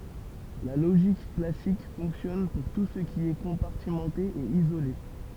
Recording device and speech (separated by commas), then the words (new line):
temple vibration pickup, read sentence
La logique classique fonctionne pour tout ce qui est compartimenté et isolé.